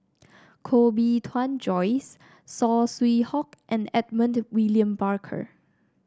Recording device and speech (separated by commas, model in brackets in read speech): standing microphone (AKG C214), read sentence